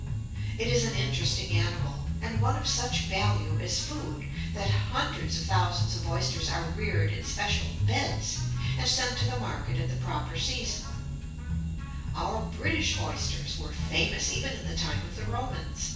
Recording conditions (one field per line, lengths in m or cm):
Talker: one person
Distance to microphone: 9.8 m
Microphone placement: far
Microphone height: 1.8 m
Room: large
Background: music